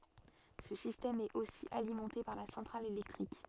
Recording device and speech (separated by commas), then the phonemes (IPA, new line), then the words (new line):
soft in-ear microphone, read sentence
sə sistɛm ɛt osi alimɑ̃te paʁ la sɑ̃tʁal elɛktʁik
Ce système est aussi alimenté par la centrale électrique.